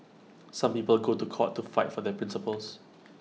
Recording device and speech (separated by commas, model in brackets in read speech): mobile phone (iPhone 6), read sentence